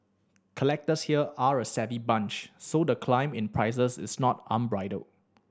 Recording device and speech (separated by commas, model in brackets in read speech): standing microphone (AKG C214), read sentence